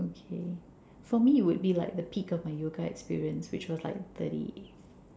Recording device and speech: standing microphone, conversation in separate rooms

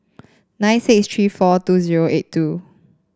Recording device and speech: standing microphone (AKG C214), read sentence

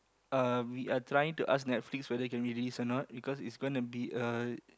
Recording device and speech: close-talking microphone, conversation in the same room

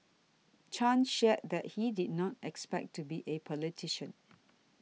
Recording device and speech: mobile phone (iPhone 6), read sentence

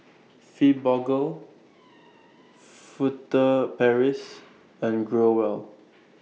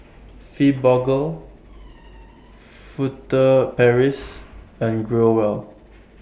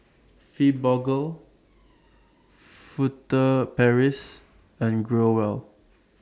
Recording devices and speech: mobile phone (iPhone 6), boundary microphone (BM630), standing microphone (AKG C214), read sentence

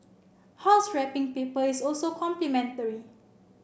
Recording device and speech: boundary microphone (BM630), read sentence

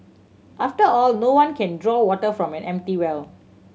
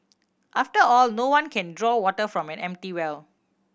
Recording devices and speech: mobile phone (Samsung C7100), boundary microphone (BM630), read sentence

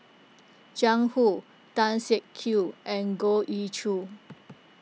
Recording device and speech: mobile phone (iPhone 6), read sentence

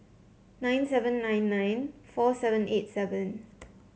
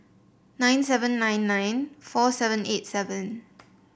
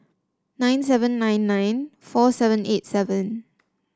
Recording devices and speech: mobile phone (Samsung C7), boundary microphone (BM630), standing microphone (AKG C214), read sentence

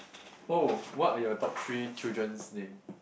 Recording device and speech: boundary microphone, conversation in the same room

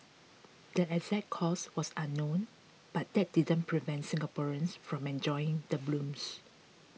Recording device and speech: mobile phone (iPhone 6), read sentence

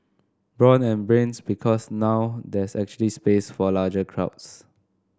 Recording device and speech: standing microphone (AKG C214), read sentence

